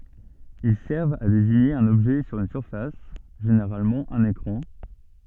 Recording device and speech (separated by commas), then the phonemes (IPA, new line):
soft in-ear microphone, read sentence
il sɛʁvt a deziɲe œ̃n ɔbʒɛ syʁ yn syʁfas ʒeneʁalmɑ̃ œ̃n ekʁɑ̃